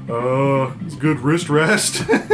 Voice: goofy voice